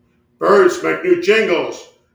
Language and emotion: English, angry